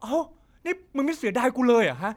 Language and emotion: Thai, angry